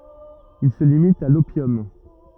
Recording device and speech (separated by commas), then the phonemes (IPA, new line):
rigid in-ear microphone, read sentence
il sə limit a lopjɔm